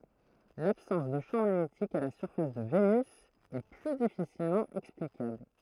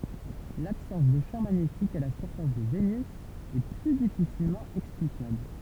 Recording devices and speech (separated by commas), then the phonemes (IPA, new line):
throat microphone, temple vibration pickup, read sentence
labsɑ̃s də ʃɑ̃ maɲetik a la syʁfas də venys ɛ ply difisilmɑ̃ ɛksplikabl